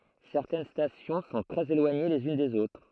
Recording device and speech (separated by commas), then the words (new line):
throat microphone, read sentence
Certaines stations sont très éloignées les unes des autres.